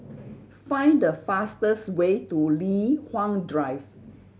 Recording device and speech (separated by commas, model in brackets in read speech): mobile phone (Samsung C7100), read sentence